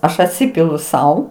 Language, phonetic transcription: Lithuanian, ˈaš atˈsipilu ˈsau

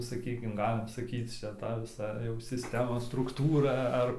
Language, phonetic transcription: Lithuanian, saˈkykim ˈgalim saˈkyc ˈčia ˈta viˈsa jau sisˈtemos strukˈtūra ˈar

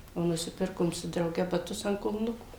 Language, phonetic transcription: Lithuanian, o nuˈsipirkom su drauˈge baˈtus ant kulˈnukų

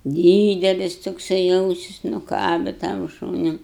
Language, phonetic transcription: Lithuanian, ˈdydelis tokˈsai ˈausis nuˈkabe tam ˈšūniu

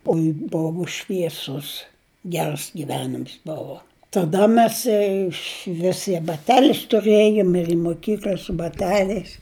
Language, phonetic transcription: Lithuanian, ˈoi ˈbovu švieˈsus ˈgers giˈvenims ˈbovo taˈda ˈmes išˈvis i baˈtelis tuˈrėjum ir i moˈkykl'a su baˈteliais

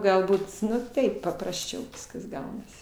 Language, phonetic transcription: Lithuanian, galˈbūt ˈnu ˈtaip paprasˈčiau ˈviskas ˈgaunasi

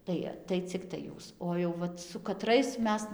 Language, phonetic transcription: Lithuanian, ˈtai tai ˈciktai ˈjūs o jau ˈvat su kaˈtrais ˈmes

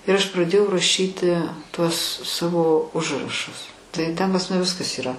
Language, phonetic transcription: Lithuanian, ir aš praˈdėjau raˈšyti ˈtuos ˈsavo ˈužrašus tai ten pas ˈmane ˈviskas yˈra

